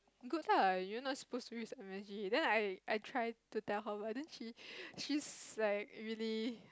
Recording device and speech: close-talking microphone, conversation in the same room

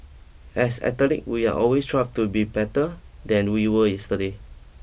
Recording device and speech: boundary microphone (BM630), read sentence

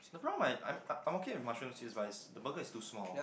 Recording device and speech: boundary microphone, conversation in the same room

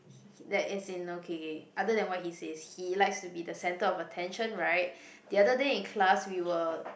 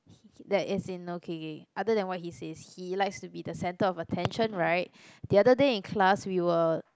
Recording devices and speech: boundary microphone, close-talking microphone, conversation in the same room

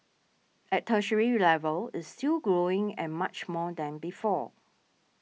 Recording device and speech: mobile phone (iPhone 6), read sentence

